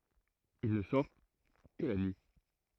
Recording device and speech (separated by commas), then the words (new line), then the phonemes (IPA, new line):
throat microphone, read sentence
Il ne sort que la nuit.
il nə sɔʁ kə la nyi